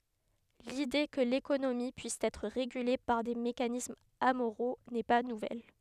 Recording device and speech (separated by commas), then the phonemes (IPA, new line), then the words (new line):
headset microphone, read sentence
lide kə lekonomi pyis ɛtʁ ʁeɡyle paʁ de mekanismz amoʁo nɛ pa nuvɛl
L’idée que l’économie puisse être régulée par des mécanismes amoraux n’est pas nouvelle.